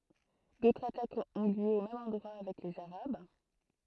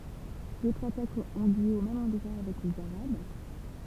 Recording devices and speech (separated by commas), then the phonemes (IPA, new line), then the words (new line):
throat microphone, temple vibration pickup, read sentence
dotʁz atakz ɔ̃ ljø o mɛm ɑ̃dʁwa avɛk lez aʁab
D'autres attaques ont lieu au même endroit avec les arabes.